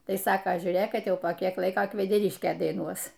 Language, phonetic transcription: Lithuanian, ˈtai ˈsaka žiūˈrėk ˈkad ˈjau po ˈkiek ˈlaiko kvedeˈriškė daiˈnuos

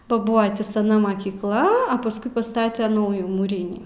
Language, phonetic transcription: Lithuanian, ba ˈbua tį saˈna makykˈla a pasˈkui paˈstate ˈnaujų mūˈrynį

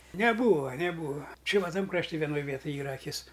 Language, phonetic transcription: Lithuanian, neˈbūva neˈbūva ˈči va ˈtam krašˈti vieˈnoj ˈvietuj ˈyra aˈkis

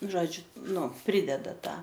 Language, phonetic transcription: Lithuanian, ˈžodžiu ˈnu ˈprideda ˈtą

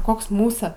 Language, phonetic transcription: Lithuanian, ˈkoks ˈmūsa

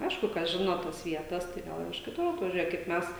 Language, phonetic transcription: Lithuanian, ˈaišku kas ˈžino ˈtos ˈvietas tai ˈgal ir iš kiˈtur atvaˈžiuoja kaip ˈmes

